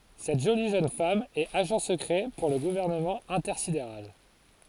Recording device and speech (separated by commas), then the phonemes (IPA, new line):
forehead accelerometer, read sentence
sɛt ʒoli ʒøn fam ɛt aʒɑ̃ səkʁɛ puʁ lə ɡuvɛʁnəmɑ̃ ɛ̃tɛʁsideʁal